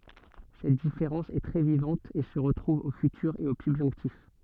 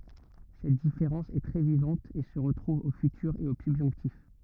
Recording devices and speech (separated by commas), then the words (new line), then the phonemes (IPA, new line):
soft in-ear microphone, rigid in-ear microphone, read sentence
Cette différence est très vivante et se retrouve au futur et au subjonctif.
sɛt difeʁɑ̃s ɛ tʁɛ vivɑ̃t e sə ʁətʁuv o fytyʁ e o sybʒɔ̃ktif